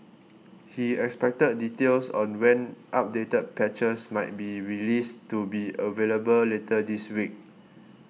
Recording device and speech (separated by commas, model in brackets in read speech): mobile phone (iPhone 6), read sentence